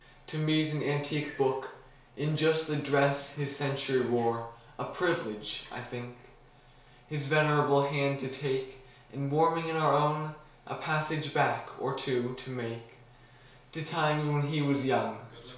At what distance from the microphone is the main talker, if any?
1.0 m.